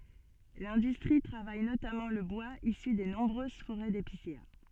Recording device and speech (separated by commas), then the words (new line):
soft in-ear microphone, read sentence
L'industrie travaille notamment le bois issu des nombreuses forêts d'épicéas.